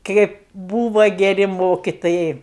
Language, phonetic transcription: Lithuanian, ˈkėp ˈbūva geˈri ˈmokitojai

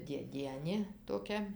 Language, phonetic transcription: Lithuanian, dėˈdienė toˈkia

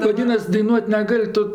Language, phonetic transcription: Lithuanian, vaˈdynas daiˈnuot' neˈgal' ˈtu

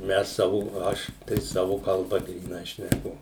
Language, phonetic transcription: Lithuanian, ˈmes ˈsavu ˈaš tai ˈsavu kalˈba gryˈnai šneˈku

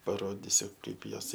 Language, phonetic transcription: Lithuanian, paˈrodisiu ˈkaip ˈjos

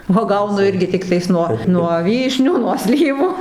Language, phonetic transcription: Lithuanian, uoˈgaunu ˈirgi ˈtiktais nuo nuo ˈvyšnių nuo ˈslyvų

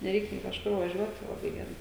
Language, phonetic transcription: Lithuanian, neˈreik nė kažˈkur vaˈžiuot tai laˈbai geˈrai

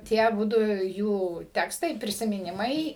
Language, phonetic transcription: Lithuanian, ˈtie aˈbudu ˈjų ˈtekstai prisimiˈnimai

